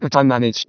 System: VC, vocoder